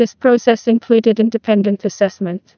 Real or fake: fake